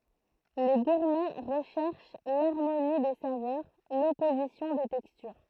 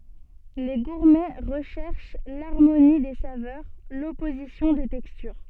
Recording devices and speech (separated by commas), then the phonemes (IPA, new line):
throat microphone, soft in-ear microphone, read sentence
le ɡuʁmɛ ʁəʃɛʁʃ laʁmoni de savœʁ lɔpozisjɔ̃ de tɛkstyʁ